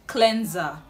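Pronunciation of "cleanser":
'Cleanser' is pronounced correctly here.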